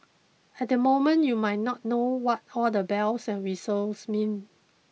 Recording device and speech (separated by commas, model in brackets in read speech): mobile phone (iPhone 6), read sentence